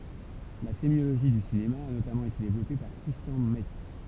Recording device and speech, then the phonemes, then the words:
temple vibration pickup, read sentence
la semjoloʒi dy sinema a notamɑ̃ ete devlɔpe paʁ kʁistjɑ̃ mɛts
La sémiologie du cinéma a notamment été développée par Christian Metz.

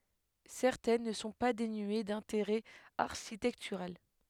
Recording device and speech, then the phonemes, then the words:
headset microphone, read sentence
sɛʁtɛn nə sɔ̃ pa denye dɛ̃teʁɛ aʁʃitɛktyʁal
Certaines ne sont pas dénuées d'intérêt architectural.

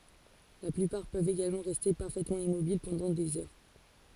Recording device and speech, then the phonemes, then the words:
forehead accelerometer, read sentence
la plypaʁ pøvt eɡalmɑ̃ ʁɛste paʁfɛtmɑ̃ immobil pɑ̃dɑ̃ dez œʁ
La plupart peuvent également rester parfaitement immobiles pendant des heures.

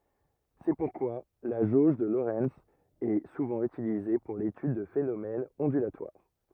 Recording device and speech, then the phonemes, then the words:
rigid in-ear microphone, read sentence
sɛ puʁkwa la ʒoʒ də loʁɛnz ɛ suvɑ̃ ytilize puʁ letyd də fenomɛnz ɔ̃dylatwaʁ
C'est pourquoi la jauge de Lorenz est souvent utilisée pour l'étude de phénomènes ondulatoires.

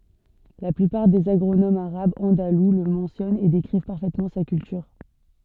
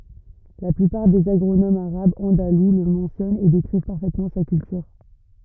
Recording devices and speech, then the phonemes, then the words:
soft in-ear microphone, rigid in-ear microphone, read sentence
la plypaʁ dez aɡʁonomz aʁabz ɑ̃dalu lə mɑ̃sjɔnt e dekʁiv paʁfɛtmɑ̃ sa kyltyʁ
La plupart des agronomes arabes andalous le mentionnent et décrivent parfaitement sa culture.

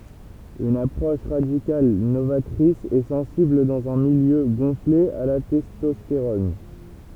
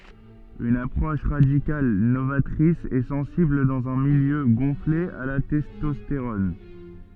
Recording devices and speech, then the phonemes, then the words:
temple vibration pickup, soft in-ear microphone, read sentence
yn apʁɔʃ ʁadikal novatʁis e sɑ̃sibl dɑ̃z œ̃ miljø ɡɔ̃fle a la tɛstɔsteʁɔn
Une approche radicale, novatrice et sensible dans un milieu gonflé à la testostérone.

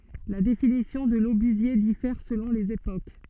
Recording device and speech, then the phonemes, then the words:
soft in-ear microphone, read sentence
la definisjɔ̃ də lobyzje difɛʁ səlɔ̃ lez epok
La définition de l'obusier diffère selon les époques.

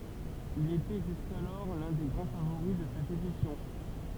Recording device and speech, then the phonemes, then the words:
temple vibration pickup, read sentence
il etɛ ʒyskalɔʁ lœ̃ de ɡʁɑ̃ favoʁi də sɛt edisjɔ̃
Il était jusqu'alors l'un des grands favoris de cette édition.

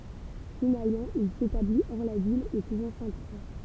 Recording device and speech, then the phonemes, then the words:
temple vibration pickup, read sentence
finalmɑ̃ il setabli ɔʁ la vil o kuvɑ̃ sɛ̃tkʁwa
Finalement, il s'établit, hors la ville, au couvent Sainte-Croix.

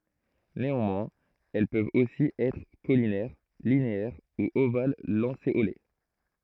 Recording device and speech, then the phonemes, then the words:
throat microphone, read sentence
neɑ̃mwɛ̃z ɛl pøvt osi ɛtʁ kolinɛʁ lineɛʁ u oval lɑ̃seole
Néanmoins, elles peuvent aussi être caulinaires, linéaires ou ovales-lancéolées.

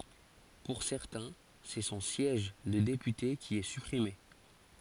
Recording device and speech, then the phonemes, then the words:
forehead accelerometer, read sentence
puʁ sɛʁtɛ̃ sɛ sɔ̃ sjɛʒ də depyte ki ɛ sypʁime
Pour certains, c'est son siège de député qui est supprimé.

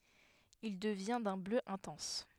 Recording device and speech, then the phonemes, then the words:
headset microphone, read sentence
il dəvjɛ̃ dœ̃ blø ɛ̃tɑ̃s
Il devient d'un bleu intense.

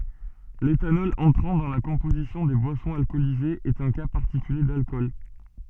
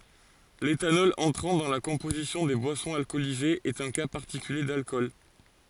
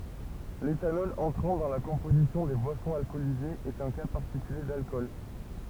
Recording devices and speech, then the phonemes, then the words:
soft in-ear microphone, forehead accelerometer, temple vibration pickup, read sentence
letanɔl ɑ̃tʁɑ̃ dɑ̃ la kɔ̃pozisjɔ̃ de bwasɔ̃z alkɔlizez ɛt œ̃ ka paʁtikylje dalkɔl
L'éthanol entrant dans la composition des boissons alcoolisées est un cas particulier d'alcool.

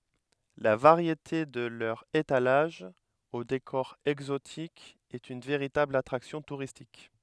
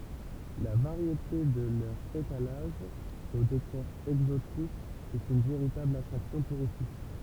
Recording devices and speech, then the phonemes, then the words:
headset microphone, temple vibration pickup, read sentence
la vaʁjete də lœʁz etalaʒz o dekɔʁ ɛɡzotik ɛt yn veʁitabl atʁaksjɔ̃ tuʁistik
La variété de leurs étalages, au décor exotique, est une véritable attraction touristique.

